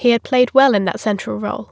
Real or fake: real